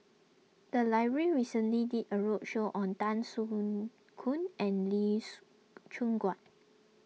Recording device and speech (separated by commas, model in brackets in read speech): mobile phone (iPhone 6), read sentence